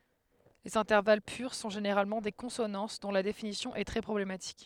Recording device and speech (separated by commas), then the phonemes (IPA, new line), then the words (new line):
headset microphone, read sentence
lez ɛ̃tɛʁval pyʁ sɔ̃ ʒeneʁalmɑ̃ de kɔ̃sonɑ̃s dɔ̃ la definisjɔ̃ ɛ tʁɛ pʁɔblematik
Les intervalles purs sont généralement des consonances, dont la définition est très problématique.